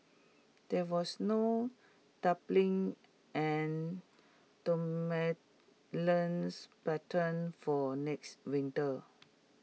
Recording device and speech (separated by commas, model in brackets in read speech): mobile phone (iPhone 6), read sentence